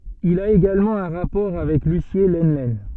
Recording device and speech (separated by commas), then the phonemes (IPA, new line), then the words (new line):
soft in-ear microphone, read sentence
il a eɡalmɑ̃ œ̃ ʁapɔʁ avɛk lysje lənlɛn
Il a également un rapport avec Lucié Lenlen.